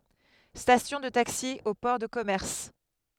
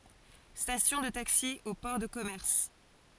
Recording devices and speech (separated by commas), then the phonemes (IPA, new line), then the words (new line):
headset microphone, forehead accelerometer, read sentence
stasjɔ̃ də taksi o pɔʁ də kɔmɛʁs
Station de taxis au port de commerce.